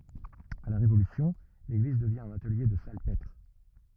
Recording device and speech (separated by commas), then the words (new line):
rigid in-ear microphone, read sentence
À la Révolution, l'église devient un atelier de salpêtre.